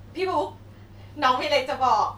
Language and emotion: Thai, happy